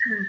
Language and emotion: Thai, neutral